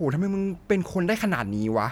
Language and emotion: Thai, frustrated